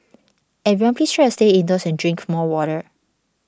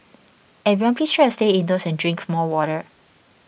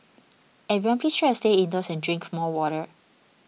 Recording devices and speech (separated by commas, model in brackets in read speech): standing microphone (AKG C214), boundary microphone (BM630), mobile phone (iPhone 6), read sentence